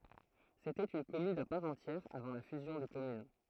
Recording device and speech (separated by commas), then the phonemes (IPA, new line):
throat microphone, read sentence
setɛt yn kɔmyn a paʁ ɑ̃tjɛʁ avɑ̃ la fyzjɔ̃ de kɔmyn